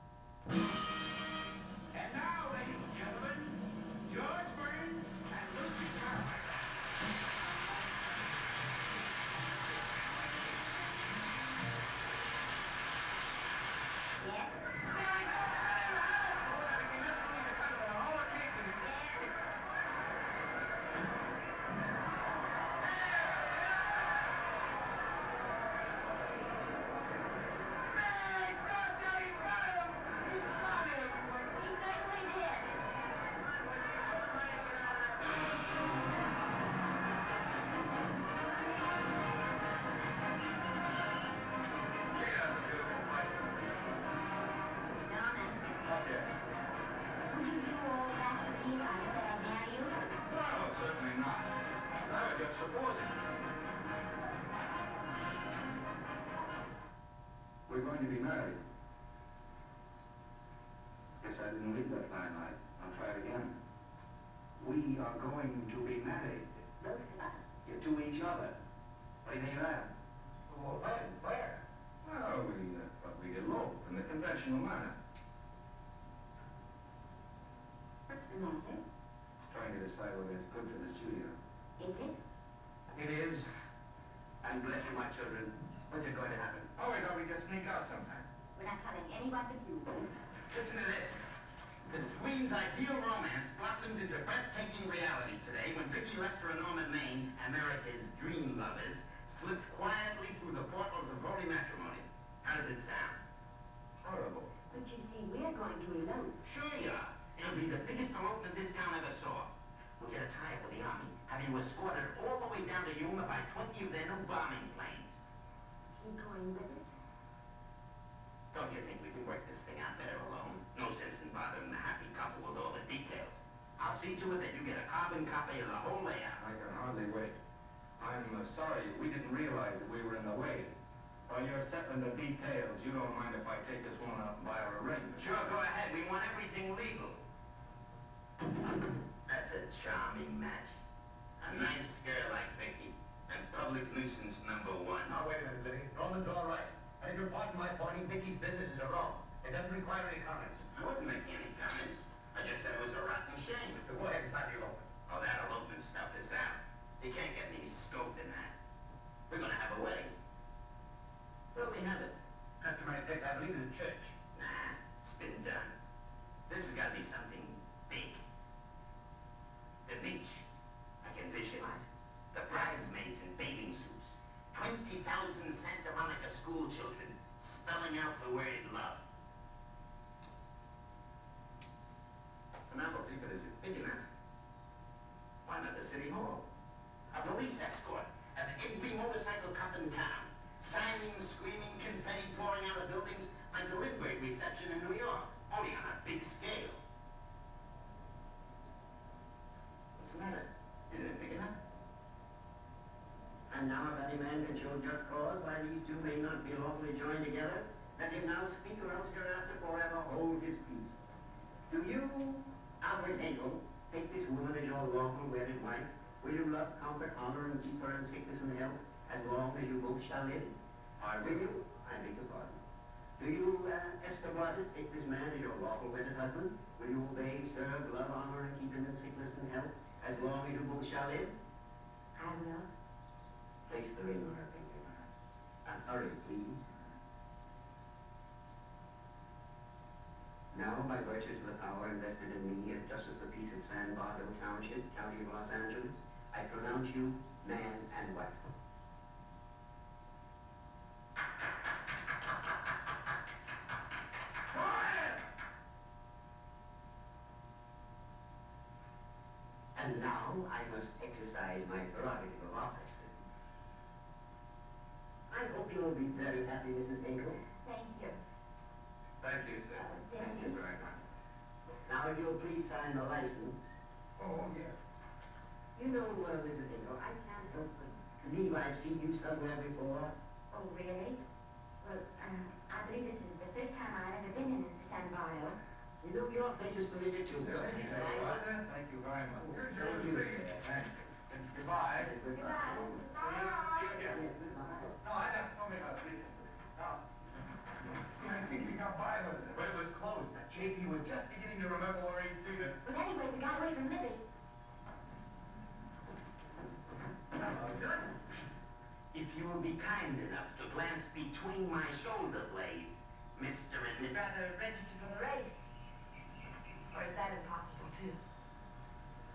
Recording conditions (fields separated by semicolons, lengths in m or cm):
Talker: no one; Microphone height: 99 cm; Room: medium-sized (5.7 m by 4.0 m); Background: television